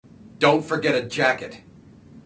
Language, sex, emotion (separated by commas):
English, male, angry